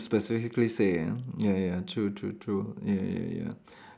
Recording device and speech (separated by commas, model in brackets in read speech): standing microphone, conversation in separate rooms